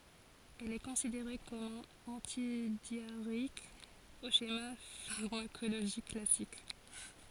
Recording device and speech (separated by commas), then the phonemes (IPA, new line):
forehead accelerometer, read sentence
ɛl ɛ kɔ̃sideʁe kɔm œ̃n ɑ̃tidjaʁeik o ʃema faʁmakoloʒik klasik